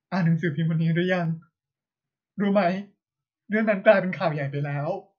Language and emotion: Thai, sad